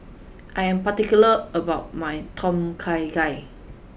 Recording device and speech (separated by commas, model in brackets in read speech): boundary microphone (BM630), read sentence